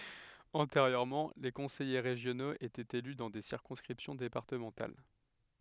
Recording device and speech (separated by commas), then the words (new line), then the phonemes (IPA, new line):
headset microphone, read sentence
Antérieurement, les conseillers régionaux étaient élus dans des circonscriptions départementales.
ɑ̃teʁjøʁmɑ̃ le kɔ̃sɛje ʁeʒjonoz etɛt ely dɑ̃ de siʁkɔ̃skʁipsjɔ̃ depaʁtəmɑ̃tal